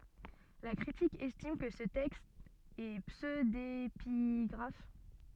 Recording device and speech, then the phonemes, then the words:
soft in-ear microphone, read sentence
la kʁitik ɛstim kə sə tɛkst ɛ psødepiɡʁaf
La critique estime que ce texte est pseudépigraphe.

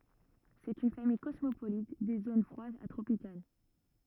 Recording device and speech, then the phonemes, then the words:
rigid in-ear microphone, read sentence
sɛt yn famij kɔsmopolit de zon fʁwadz a tʁopikal
C'est une famille cosmopolite des zones froides à tropicales.

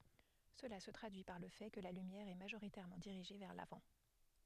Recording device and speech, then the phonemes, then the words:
headset microphone, read sentence
səla sə tʁadyi paʁ lə fɛ kə la lymjɛʁ ɛ maʒoʁitɛʁmɑ̃ diʁiʒe vɛʁ lavɑ̃
Cela se traduit par le fait que la lumière est majoritairement dirigée vers l'avant.

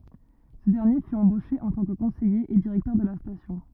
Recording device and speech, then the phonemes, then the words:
rigid in-ear microphone, read sentence
sə dɛʁnje fy ɑ̃boʃe ɑ̃ tɑ̃ kə kɔ̃sɛje e diʁɛktœʁ də la stasjɔ̃
Ce dernier fut embauché en tant que conseiller et directeur de la station.

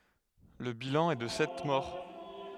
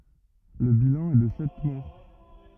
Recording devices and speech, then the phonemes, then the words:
headset microphone, rigid in-ear microphone, read sentence
lə bilɑ̃ ɛ də sɛt mɔʁ
Le bilan est de sept morts.

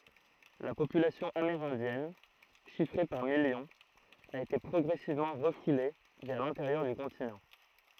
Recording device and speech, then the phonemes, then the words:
throat microphone, read sentence
la popylasjɔ̃ ameʁɛ̃djɛn ʃifʁe paʁ miljɔ̃z a ete pʁɔɡʁɛsivmɑ̃ ʁəfule vɛʁ lɛ̃teʁjœʁ dy kɔ̃tinɑ̃
La population amérindienne, chiffrée par millions, a été progressivement refoulée vers l'intérieur du continent.

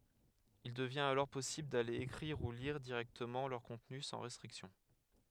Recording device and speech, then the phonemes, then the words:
headset microphone, read sentence
il dəvjɛ̃t alɔʁ pɔsibl dale ekʁiʁ u liʁ diʁɛktəmɑ̃ lœʁ kɔ̃tny sɑ̃ ʁɛstʁiksjɔ̃
Il devient alors possible d'aller écrire ou lire directement leur contenu sans restrictions.

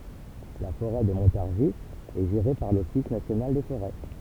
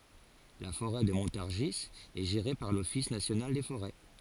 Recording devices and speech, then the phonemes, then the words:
temple vibration pickup, forehead accelerometer, read sentence
la foʁɛ də mɔ̃taʁʒi ɛ ʒeʁe paʁ lɔfis nasjonal de foʁɛ
La forêt de Montargis est gérée par l'Office national des forêts.

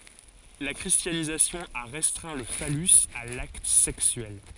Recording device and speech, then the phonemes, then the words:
forehead accelerometer, read sentence
la kʁistjanizasjɔ̃ a ʁɛstʁɛ̃ lə falys a lakt sɛksyɛl
La christianisation a restreint le phallus à l’acte sexuel.

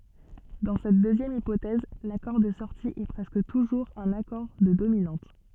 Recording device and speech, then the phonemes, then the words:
soft in-ear microphone, read sentence
dɑ̃ sɛt døzjɛm ipotɛz lakɔʁ də sɔʁti ɛ pʁɛskə tuʒuʁz œ̃n akɔʁ də dominɑ̃t
Dans cette deuxième hypothèse, l'accord de sortie est presque toujours un accord de dominante.

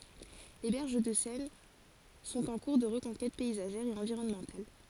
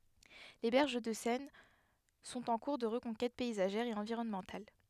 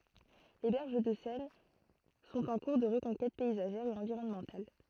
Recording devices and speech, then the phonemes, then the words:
forehead accelerometer, headset microphone, throat microphone, read sentence
le bɛʁʒ də sɛn sɔ̃t ɑ̃ kuʁ də ʁəkɔ̃kɛt pɛizaʒɛʁ e ɑ̃viʁɔnmɑ̃tal
Les berges de Seine sont en cours de reconquête paysagère et environnementale.

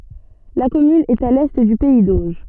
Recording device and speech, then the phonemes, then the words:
soft in-ear microphone, read sentence
la kɔmyn ɛt a lɛ dy pɛi doʒ
La commune est à l'est du pays d'Auge.

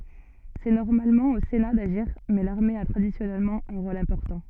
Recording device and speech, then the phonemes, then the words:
soft in-ear microphone, read sentence
sɛ nɔʁmalmɑ̃ o sena daʒiʁ mɛ laʁme a tʁadisjɔnɛlmɑ̃ œ̃ ʁol ɛ̃pɔʁtɑ̃
C’est normalement au Sénat d’agir mais l’armée a traditionnellement un rôle important.

